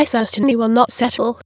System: TTS, waveform concatenation